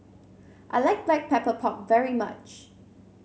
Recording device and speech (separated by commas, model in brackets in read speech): mobile phone (Samsung C7), read sentence